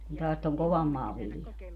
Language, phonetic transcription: Finnish, kun taas toŋ 'kovam maa 'vilja .
- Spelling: kun taas tuon kovan maan vilja

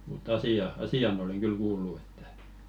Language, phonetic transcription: Finnish, mut't ‿asi₍a , "asi₍an oleŋ ɢyl 'kuullu ᴇttᴀ̈ .
- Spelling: mutta asia asian olen kyllä kuullut että

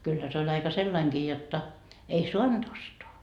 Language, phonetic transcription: Finnish, kyllä se oĺ 'aika "sellaiŋkii jotta , ei "suant ostoa .
- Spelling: kyllä se oli aika sellainenkin jotta ei saanut ostaa

